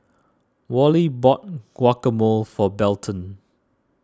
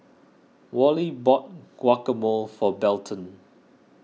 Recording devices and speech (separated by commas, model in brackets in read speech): standing microphone (AKG C214), mobile phone (iPhone 6), read sentence